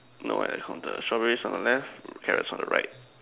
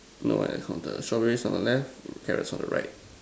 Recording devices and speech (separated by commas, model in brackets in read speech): telephone, standing microphone, conversation in separate rooms